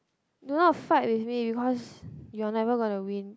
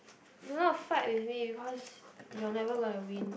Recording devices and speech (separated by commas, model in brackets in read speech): close-talking microphone, boundary microphone, conversation in the same room